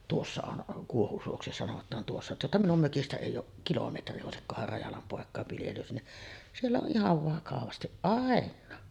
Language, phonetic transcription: Finnish, tuossa on , 'Kuohusuoksi sanot̆taan tuossa , tuosta minum 'mökistä èij̆j ‿ooˀ , 'kilometri òesikkohar 'Rajalam 'pòek̆kàev viljelys ni , siellä on ’ihav 'vakavastiˀ "ˀàen̆naa .
- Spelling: tuossa on Kuohusuoksi sanotaan tuossa tuosta minun mökistä ei ole kilometri olisikohan Rajalan poikien viljelys niin siellä on ihan vakavasti ainakin

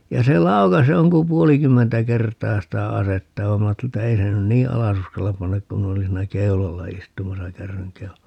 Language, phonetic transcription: Finnish, ja se 'laukas 'joŋkum "puolikymmentä 'kert̀aa 'sitä "asetta (vaim) 'm ‿aatteli että 'ei se nyn "nii "alas ‿uskallap 'pannak kum 'min ‿olin siinä 'keulalla 'istumasa "kärryŋ 'keulalla .
- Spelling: ja se laukaisi jonkun puolikymmentä kertaa sitä asetta vaan minä ajattelin että ei se nyt niin alas uskalla panna kun minä olin siinä keulalla istumassa kärryn keulalla

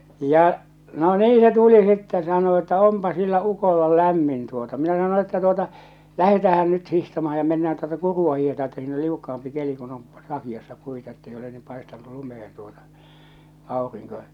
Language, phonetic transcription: Finnish, ja , no "nii se 'tuli sitten sano että » "ompa sillä 'ukolla 'lämmin « tuota minä sano että » tuota , 'lähetäähän nyt 'hihtamahᴀ ja mennään tuota 'kuru₍a hiihetaa että siin ‿ol 'liukka₍ampi 'keli kun on , 'saki₍assa 'puita ettei ole niim 'paestan̆nu 'lumehen tuota , 'àoriŋko « .
- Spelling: ja no niin se tuli sitten sanoi että onpa sillä ukolla lämmin tuota minä sanoin että tuota lähdetäänhän nyt hiihtämään ja mennään tuota kurua hiihdetään että siinä oli liukkaampi keli kun on sakeassa puita että ei ole niin paistanut lumeen tuota aurinko

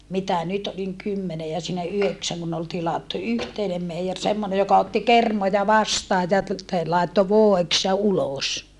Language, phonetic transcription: Finnish, mitä nyt oliŋ kymmene ja siinä yheksäŋ kun ol tilattu yhteinem meijer semmone joka otti kermoja vastaaj ja ‿t- , te - làetto vòeks ja ulòs .
- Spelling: mitä nyt olin kymmenen ja siinä yhdeksän kun oli tilattu yhteinen meijeri semmoinen joka otti kermoja vastaan ja - - laittoi voiksi ja ulos

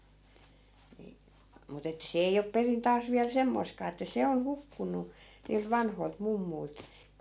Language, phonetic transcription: Finnish, ni , mut ‿ettᵃ̈ 'se ei op 'perin 'taas viäl 'semmoi̮skaa että 'se on "hukkun̆nu , niilt 'vanhoi̮lt 'mummui̮lt .
- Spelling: niin mutta että se ei ole perin taas vielä semmoistakaan että se on hukkunut niiltä vanhoilta mummuilta

